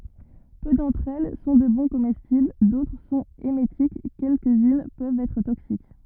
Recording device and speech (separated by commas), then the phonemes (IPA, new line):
rigid in-ear microphone, read sentence
pø dɑ̃tʁ ɛl sɔ̃ də bɔ̃ komɛstibl dotʁ sɔ̃t emetik kɛlkəzyn pøvt ɛtʁ toksik